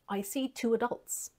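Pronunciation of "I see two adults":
'Adults' is said the North American way here, not the way it is said in England, where the stress is on the first part.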